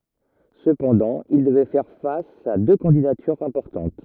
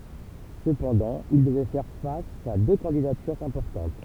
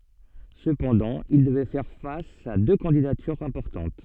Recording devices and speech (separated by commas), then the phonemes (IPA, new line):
rigid in-ear microphone, temple vibration pickup, soft in-ear microphone, read sentence
səpɑ̃dɑ̃ il dəvɛ fɛʁ fas a dø kɑ̃didatyʁz ɛ̃pɔʁtɑ̃t